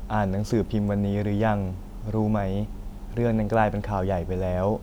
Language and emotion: Thai, neutral